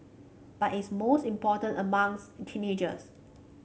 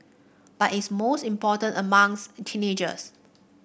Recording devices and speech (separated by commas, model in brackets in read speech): mobile phone (Samsung C5), boundary microphone (BM630), read sentence